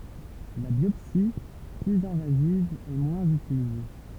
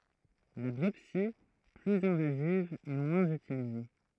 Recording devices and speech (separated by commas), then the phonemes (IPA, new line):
temple vibration pickup, throat microphone, read sentence
la bjɔpsi plyz ɛ̃vaziv ɛ mwɛ̃z ytilize